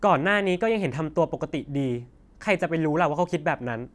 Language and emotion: Thai, frustrated